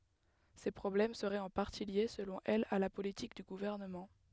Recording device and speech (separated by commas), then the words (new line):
headset microphone, read sentence
Ces problèmes seraient en partie liés, selon elle, à la politique du gouvernement.